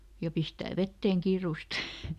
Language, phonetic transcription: Finnish, ja ˈpistää "vetteeŋ ˈkiirùst !
- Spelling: ja pistää veteen kiireesti

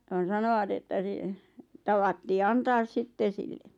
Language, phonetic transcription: Finnish, ja ne 'sanoʷat että ˢⁱˉ , 'tavattii "antaas 'sitten̬ sille .
- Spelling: ja ne sanoivat että - tavattiin antaa sitten sille

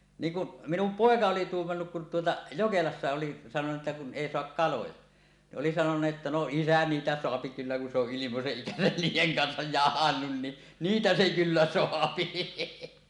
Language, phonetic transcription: Finnish, 'niiŋ kuˀ , 'minum "pòeka oli 'tuummannuk kun tuota , 'Jokelassa oli sanoneet ’että » kun "ˀèi 'soak "kaloja « , ni ˀoli sanonuˀ ˀettä , » no "isä 'niitä soapi kyllä kun se ‿oˀ 'ˀilimoseˀ 'ˀikäsän niij̆jeŋ kansaj jahannun ni , "niitä 'se 'kyllä "soapi .
- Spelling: niin kun minun poika oli tuumannutkin kun tuota Jokelassa oli sanoneet että kun ei saa kaloja niin oli sanonut että no isä niitä saa kyllä kun se on ilmoisen ikänsä niiden kanssa jahdannut niin niitä se kyllä saa

